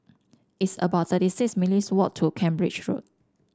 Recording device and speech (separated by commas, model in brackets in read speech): standing microphone (AKG C214), read sentence